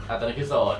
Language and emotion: Thai, neutral